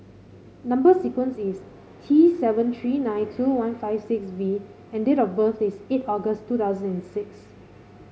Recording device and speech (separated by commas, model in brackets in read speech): mobile phone (Samsung C5), read sentence